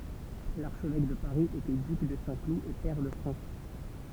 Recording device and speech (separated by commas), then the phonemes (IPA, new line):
temple vibration pickup, read sentence
laʁʃvɛk də paʁi etɛ dyk də sɛ̃klu e pɛʁ də fʁɑ̃s